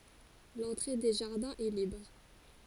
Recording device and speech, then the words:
forehead accelerometer, read sentence
L'entrée des jardins est libre.

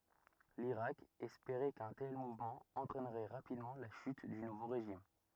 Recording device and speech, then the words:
rigid in-ear microphone, read sentence
L'Irak espérait qu'un tel mouvement entraînerait rapidement la chute du nouveau régime.

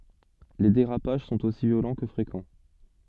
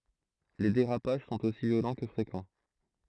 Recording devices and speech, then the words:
soft in-ear microphone, throat microphone, read sentence
Les dérapages sont aussi violents que fréquents.

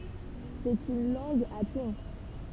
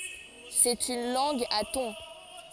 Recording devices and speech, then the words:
temple vibration pickup, forehead accelerometer, read sentence
C'est une langue à tons.

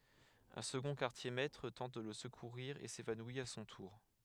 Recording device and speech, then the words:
headset microphone, read sentence
Un second quartier-maître tente de le secourir et s'évanouit à son tour.

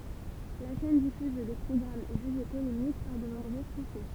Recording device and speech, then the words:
temple vibration pickup, read sentence
La chaîne diffuse des programmes jugés polémiques par de nombreux Français.

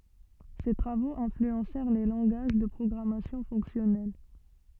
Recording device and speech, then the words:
soft in-ear microphone, read sentence
Ses travaux influencèrent les langages de programmation fonctionnelle.

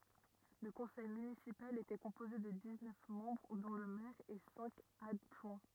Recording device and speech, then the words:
rigid in-ear microphone, read sentence
Le conseil municipal était composé de dix-neuf membres dont le maire et cinq adjoints.

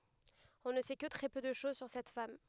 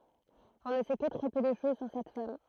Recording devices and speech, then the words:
headset microphone, throat microphone, read sentence
On ne sait que très peu de choses sur cette femme.

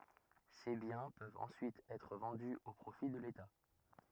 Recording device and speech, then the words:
rigid in-ear microphone, read sentence
Ces biens peuvent ensuite être vendus au profit de l'État.

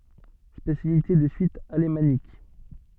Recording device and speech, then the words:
soft in-ear microphone, read sentence
Spécialité de Suisse alémanique.

